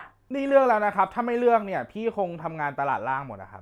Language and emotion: Thai, frustrated